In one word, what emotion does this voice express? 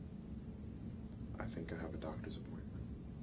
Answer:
neutral